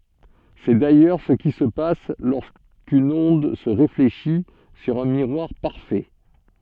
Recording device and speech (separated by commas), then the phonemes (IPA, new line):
soft in-ear microphone, read sentence
sɛ dajœʁ sə ki sə pas loʁskyn ɔ̃d sə ʁefleʃi syʁ œ̃ miʁwaʁ paʁfɛ